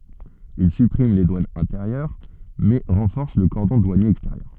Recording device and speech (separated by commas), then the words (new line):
soft in-ear microphone, read sentence
Il supprime les douanes intérieures, mais renforce le cordon douanier extérieur.